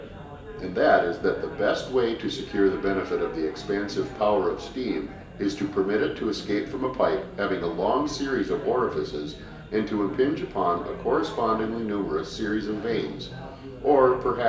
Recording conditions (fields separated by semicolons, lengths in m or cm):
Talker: one person; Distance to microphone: 1.8 m; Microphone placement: close; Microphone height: 1.0 m; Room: large; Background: babble